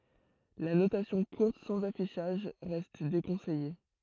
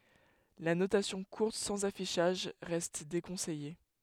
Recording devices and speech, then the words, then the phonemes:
throat microphone, headset microphone, read sentence
La notation courte sans affichage reste déconseillée.
la notasjɔ̃ kuʁt sɑ̃z afiʃaʒ ʁɛst dekɔ̃sɛje

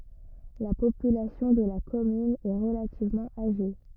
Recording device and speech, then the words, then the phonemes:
rigid in-ear microphone, read sentence
La population de la commune est relativement âgée.
la popylasjɔ̃ də la kɔmyn ɛ ʁəlativmɑ̃ aʒe

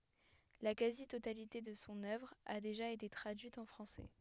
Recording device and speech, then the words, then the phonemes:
headset microphone, read sentence
La quasi-totalité de son œuvre a déjà été traduite en français.
la kazi totalite də sɔ̃ œvʁ a deʒa ete tʁadyit ɑ̃ fʁɑ̃sɛ

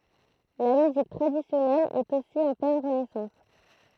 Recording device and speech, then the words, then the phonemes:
throat microphone, read sentence
La musique traditionnelle est aussi en pleine renaissance.
la myzik tʁadisjɔnɛl ɛt osi ɑ̃ plɛn ʁənɛsɑ̃s

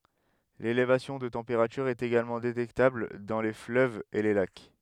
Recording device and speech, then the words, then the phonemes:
headset microphone, read sentence
L'élévation de température est également détectable dans les fleuves et les lacs.
lelevasjɔ̃ də tɑ̃peʁatyʁ ɛt eɡalmɑ̃ detɛktabl dɑ̃ le fløvz e le lak

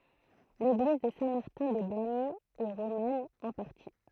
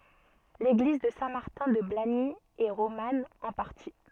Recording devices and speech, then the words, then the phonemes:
throat microphone, soft in-ear microphone, read sentence
L'église de Saint-Martin-de-Blagny est romane, en partie.
leɡliz də sɛ̃ maʁtɛ̃ də blaɲi ɛ ʁoman ɑ̃ paʁti

